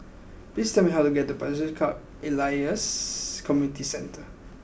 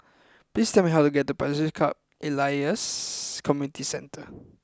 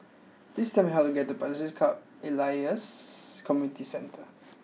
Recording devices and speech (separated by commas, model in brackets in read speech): boundary microphone (BM630), close-talking microphone (WH20), mobile phone (iPhone 6), read sentence